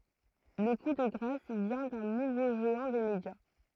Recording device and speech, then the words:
throat microphone, read sentence
Le coup de grâce vient d'un nouveau géant des médias.

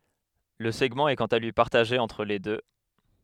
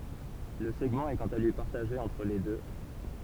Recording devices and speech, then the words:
headset microphone, temple vibration pickup, read sentence
Le segment est quant à lui partagé entre les deux.

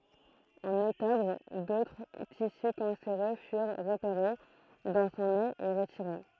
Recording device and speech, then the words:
throat microphone, read sentence
En octobre, d'autres tissus cancéreux furent repérés dans son nez et retirés.

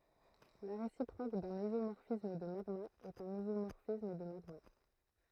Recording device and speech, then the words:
throat microphone, read sentence
La réciproque d'un isomorphisme de magmas est un isomorphisme de magmas.

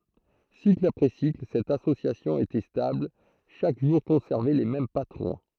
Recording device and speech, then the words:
throat microphone, read sentence
Cycle après cycle, cette association était stable, chaque jour conservait les mêmes patrons.

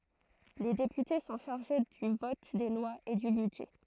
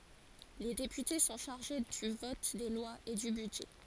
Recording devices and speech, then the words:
throat microphone, forehead accelerometer, read sentence
Les députés sont chargés du vote des lois et du budget.

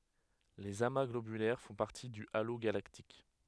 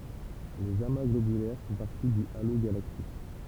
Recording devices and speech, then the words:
headset microphone, temple vibration pickup, read sentence
Les amas globulaires font partie du halo galactique.

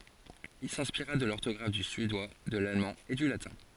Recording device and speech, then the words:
forehead accelerometer, read sentence
Il s'inspira de l'orthographe du suédois, de l'allemand et du latin.

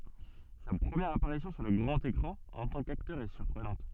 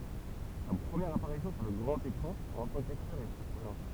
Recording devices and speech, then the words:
soft in-ear microphone, temple vibration pickup, read sentence
Sa première apparition sur le grand écran en tant qu'acteur est surprenante.

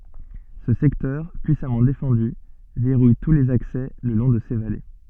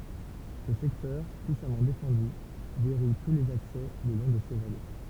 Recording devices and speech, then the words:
soft in-ear microphone, temple vibration pickup, read sentence
Ce secteur puissamment défendu verrouille tous les accès le long de ces vallées.

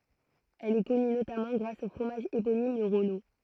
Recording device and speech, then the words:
throat microphone, read sentence
Elle est connue notamment grâce au fromage éponyme, le Rollot.

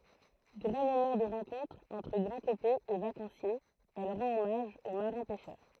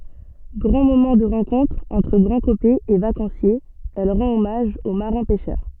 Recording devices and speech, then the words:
throat microphone, soft in-ear microphone, read sentence
Grand moment de rencontre entre Grandcopais et vacanciers, elle rend hommage aux marins pêcheurs.

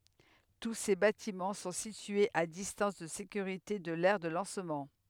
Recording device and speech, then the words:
headset microphone, read sentence
Tous ces bâtiments sont situés à distance de sécurité de l'aire de lancement.

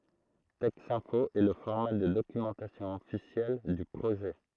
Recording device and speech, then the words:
throat microphone, read sentence
Texinfo est le format de documentation officiel du projet.

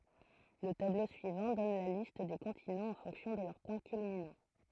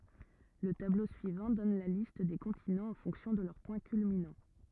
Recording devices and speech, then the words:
throat microphone, rigid in-ear microphone, read sentence
Le tableau suivant donne la liste des continents en fonction de leur point culminant.

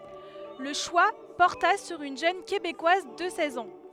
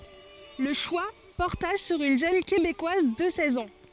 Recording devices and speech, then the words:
headset microphone, forehead accelerometer, read sentence
Le choix porta sur une jeune Québécoise de seize ans.

